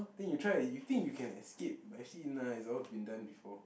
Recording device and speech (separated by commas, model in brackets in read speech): boundary microphone, conversation in the same room